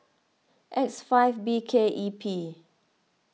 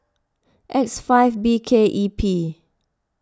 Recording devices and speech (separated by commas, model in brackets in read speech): mobile phone (iPhone 6), close-talking microphone (WH20), read sentence